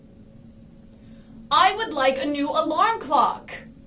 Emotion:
angry